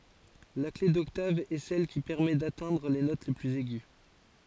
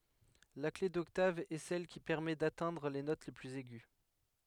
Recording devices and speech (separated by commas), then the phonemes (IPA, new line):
forehead accelerometer, headset microphone, read sentence
la kle dɔktav ɛ sɛl ki pɛʁmɛ datɛ̃dʁ le not plyz ɛɡy